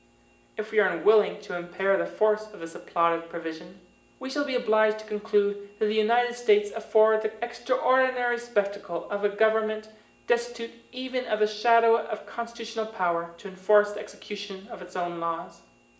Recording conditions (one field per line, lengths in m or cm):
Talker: one person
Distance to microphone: 1.8 m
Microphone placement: close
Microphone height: 1.0 m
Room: large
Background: none